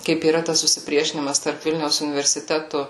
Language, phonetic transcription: Lithuanian, kaip yˈra tas susiˈpriešinimas tarp ˈvilniaus universiˈtetu

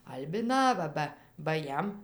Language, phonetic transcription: Lithuanian, albiˈnava ˈba ba ˈjam

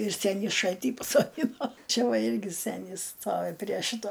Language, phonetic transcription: Lithuanian, ir ˈsenį ˈšaltį pasoˈdino ˈčia ˈva ˈirgi ˈsenis ˈstovi prie ˈšito

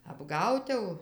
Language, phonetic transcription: Lithuanian, apˈgaut jau

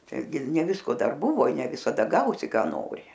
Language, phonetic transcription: Lithuanian, taiˈgi ir ne ˈvisko ˈdar ˈbuvo i ne visaˈda ˈgausi ˈką ˈnori

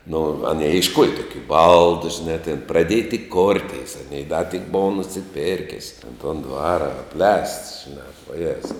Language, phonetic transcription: Lithuanian, nu aˈnei išˈkuoja ˈtukiu ˈbaldu žiˈnā tėn praˈdėja tik ˈkortis aˈnei da tik ˈbova nusiˈpėrkis ten ton ˈdvara apˈlēsts žiˈnā vaˈjezau

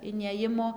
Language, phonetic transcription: Lithuanian, iˈnėjimo

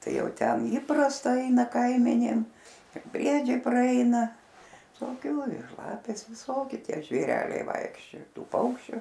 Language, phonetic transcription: Lithuanian, ˈtai ˈjau ˈten ˈįprasta ˈaina ˈkaimenėm ir ˈbriedžiai praˈeina visoˈkiu ir ˈlapės ˈviˈsoki ˈtie žvėˈreliai ˈvaikščioja ˈtų ˈpaukščiu

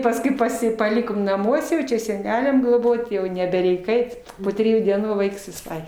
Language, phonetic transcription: Lithuanian, pasˈkui paˈsi paˈlikom naˈmuose jau čia seˈneliam gloˈbot' jau nebeˈreik ˈait po triˈjų dieˈnų ˈvaiks viˈsai

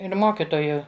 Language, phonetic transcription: Lithuanian, ir ˈmokitoju

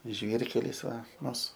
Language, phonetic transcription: Lithuanian, ˈžvyrkelis ˈva ˈmus

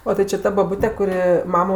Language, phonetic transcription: Lithuanian, o ti či ˈta baˈbute kuˈri ˈmamo

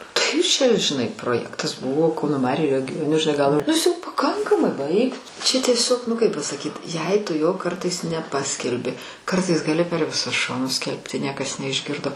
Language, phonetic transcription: Lithuanian, ˈtai čia žiˈnai proˈjektas ˈbuvo ˈkauno ˈmariu regio nu žiˈnai gal nu ˈis jau paˈkankamai ˈbaik tu čia tieˈsiog nu ˈkaip pasaˈkyt jei ˈtu jo ˈkartais neˈpaskelbi ˈkartais gaˈli per viˈsus ˈšonus ˈskelbti ˈniekas neišˈgirdo

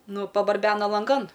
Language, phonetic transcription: Lithuanian, ˈnu pabarˈbena lanˈgan

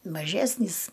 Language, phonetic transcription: Lithuanian, maˈžesnys

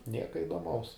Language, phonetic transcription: Lithuanian, ˈnieka idoˈmaus

